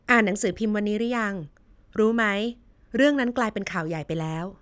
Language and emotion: Thai, neutral